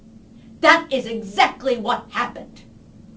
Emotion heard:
angry